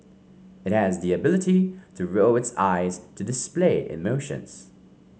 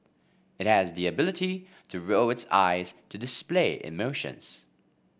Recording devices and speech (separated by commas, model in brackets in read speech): mobile phone (Samsung C5), boundary microphone (BM630), read sentence